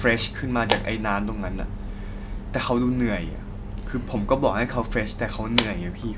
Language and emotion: Thai, frustrated